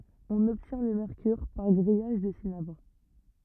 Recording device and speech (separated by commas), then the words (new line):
rigid in-ear microphone, read sentence
On obtient le mercure par grillage du cinabre.